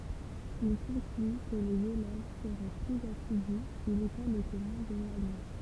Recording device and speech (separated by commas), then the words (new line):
temple vibration pickup, read sentence
Il conclut que les élèves seraient plus assidus si l'école était moins éloignée.